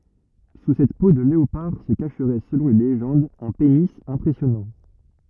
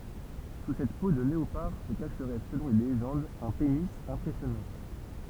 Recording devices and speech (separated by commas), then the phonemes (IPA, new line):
rigid in-ear microphone, temple vibration pickup, read sentence
su sɛt po də leopaʁ sə kaʃʁɛ səlɔ̃ le leʒɑ̃dz œ̃ peni ɛ̃pʁɛsjɔnɑ̃